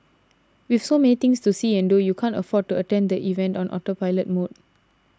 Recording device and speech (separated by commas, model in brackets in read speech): standing microphone (AKG C214), read sentence